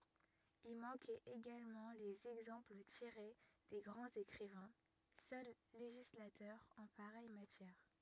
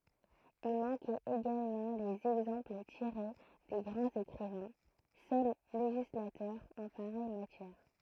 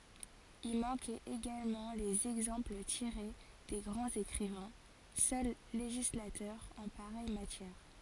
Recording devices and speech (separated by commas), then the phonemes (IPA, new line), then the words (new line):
rigid in-ear microphone, throat microphone, forehead accelerometer, read sentence
i mɑ̃kɛt eɡalmɑ̃ lez ɛɡzɑ̃pl tiʁe de ɡʁɑ̃z ekʁivɛ̃ sœl leʒislatœʁz ɑ̃ paʁɛj matjɛʁ
Y manquaient également les exemples tirés des grands écrivains, seuls législateurs en pareille matière.